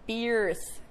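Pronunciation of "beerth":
'Birth' is pronounced incorrectly here.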